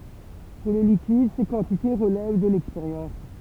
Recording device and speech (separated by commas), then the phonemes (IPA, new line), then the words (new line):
temple vibration pickup, read sentence
puʁ le likid se kɑ̃tite ʁəlɛv də lɛkspeʁjɑ̃s
Pour les liquides ces quantités relèvent de l'expérience.